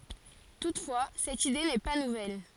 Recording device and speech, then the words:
forehead accelerometer, read sentence
Toutefois, cette idée n'est pas nouvelle.

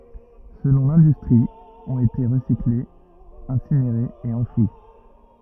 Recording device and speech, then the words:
rigid in-ear microphone, read sentence
Selon l'industrie, ont été recyclées, incinérées et enfouies.

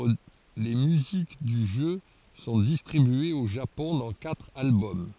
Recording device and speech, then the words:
forehead accelerometer, read sentence
Les musiques du jeu sont distribuées au Japon dans quatre albums.

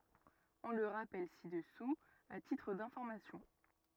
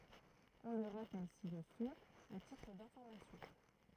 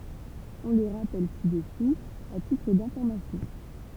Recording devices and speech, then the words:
rigid in-ear microphone, throat microphone, temple vibration pickup, read sentence
On le rappelle ci-dessous à titre d'information.

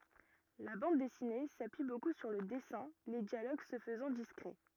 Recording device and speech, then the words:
rigid in-ear microphone, read sentence
La bande dessinée s'appuie beaucoup sur le dessins, les dialogues se faisant discrets.

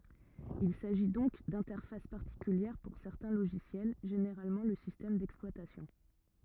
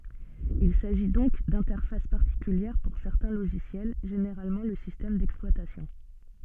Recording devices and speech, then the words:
rigid in-ear microphone, soft in-ear microphone, read sentence
Il s'agit donc d'interfaces particulières pour certains logiciels, généralement le système d'exploitation.

